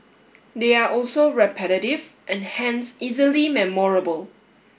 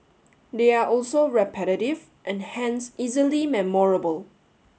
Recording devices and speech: boundary microphone (BM630), mobile phone (Samsung S8), read sentence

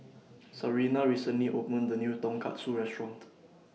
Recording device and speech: mobile phone (iPhone 6), read sentence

